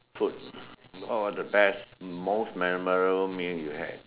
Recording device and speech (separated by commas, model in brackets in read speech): telephone, conversation in separate rooms